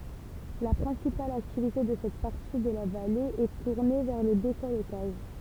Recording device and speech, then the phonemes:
temple vibration pickup, read sentence
la pʁɛ̃sipal aktivite də sɛt paʁti də la vale ɛ tuʁne vɛʁ lə dekɔltaʒ

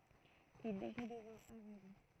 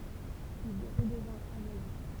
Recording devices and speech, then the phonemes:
throat microphone, temple vibration pickup, read sentence
il ʁədəvɛ̃t avøɡl

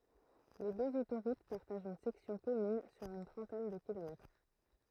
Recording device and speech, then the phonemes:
throat microphone, read sentence
le døz otoʁut paʁtaʒt yn sɛksjɔ̃ kɔmyn syʁ yn tʁɑ̃tɛn də kilomɛtʁ

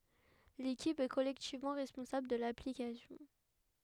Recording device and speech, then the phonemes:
headset microphone, read sentence
lekip ɛ kɔlɛktivmɑ̃ ʁɛspɔ̃sabl də laplikasjɔ̃

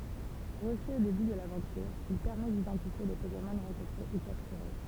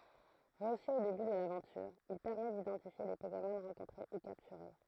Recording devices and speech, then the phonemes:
temple vibration pickup, throat microphone, read sentence
ʁəsy o deby də lavɑ̃tyʁ il pɛʁmɛ didɑ̃tifje le pokemɔn ʁɑ̃kɔ̃tʁe u kaptyʁe

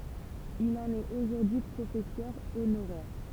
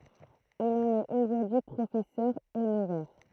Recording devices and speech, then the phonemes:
temple vibration pickup, throat microphone, read sentence
il ɑ̃n ɛt oʒuʁdyi pʁofɛsœʁ onoʁɛʁ

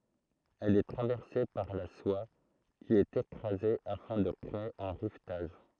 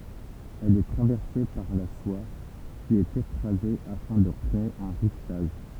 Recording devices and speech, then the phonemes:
throat microphone, temple vibration pickup, read sentence
ɛl ɛ tʁavɛʁse paʁ la swa ki ɛt ekʁaze afɛ̃ də kʁee œ̃ ʁivtaʒ

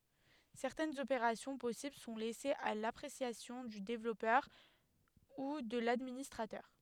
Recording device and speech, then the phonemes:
headset microphone, read sentence
sɛʁtɛnz opeʁasjɔ̃ pɔsibl sɔ̃ lɛsez a lapʁesjasjɔ̃ dy devlɔpœʁ u də ladministʁatœʁ

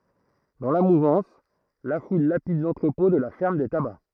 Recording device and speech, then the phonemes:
throat microphone, read sentence
dɑ̃ la muvɑ̃s la ful lapid lɑ̃tʁəpɔ̃ də la fɛʁm de taba

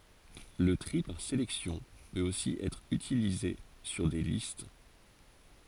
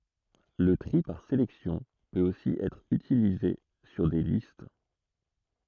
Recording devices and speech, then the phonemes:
forehead accelerometer, throat microphone, read sentence
lə tʁi paʁ selɛksjɔ̃ pøt osi ɛtʁ ytilize syʁ de list

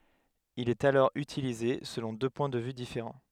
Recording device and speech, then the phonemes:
headset microphone, read sentence
il ɛt alɔʁ ytilize səlɔ̃ dø pwɛ̃ də vy difeʁɑ̃

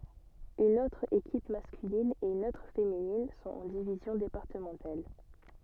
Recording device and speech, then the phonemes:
soft in-ear microphone, read sentence
yn otʁ ekip maskylin e yn otʁ feminin sɔ̃t ɑ̃ divizjɔ̃ depaʁtəmɑ̃tal

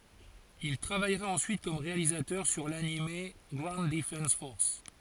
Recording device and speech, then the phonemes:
forehead accelerometer, read sentence
il tʁavajʁa ɑ̃syit kɔm ʁealizatœʁ syʁ lanim ɡwaund dəfɑ̃s fɔʁs

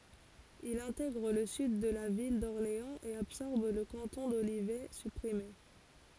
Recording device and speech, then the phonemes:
forehead accelerometer, read sentence
il ɛ̃tɛɡʁ lə syd də la vil dɔʁleɑ̃z e absɔʁb lə kɑ̃tɔ̃ dolivɛ sypʁime

